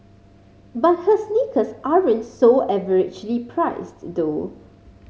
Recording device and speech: mobile phone (Samsung C5010), read sentence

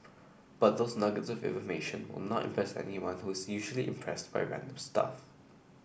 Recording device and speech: boundary microphone (BM630), read sentence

